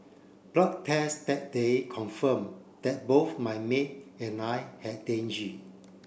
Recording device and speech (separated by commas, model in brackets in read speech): boundary microphone (BM630), read sentence